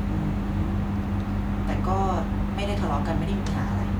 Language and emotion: Thai, frustrated